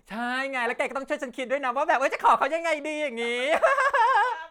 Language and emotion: Thai, happy